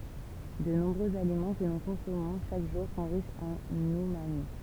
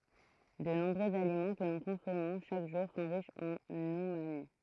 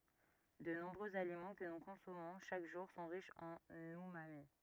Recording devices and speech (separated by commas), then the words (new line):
temple vibration pickup, throat microphone, rigid in-ear microphone, read sentence
De nombreux aliments que nous consommons chaque jour sont riches en umami.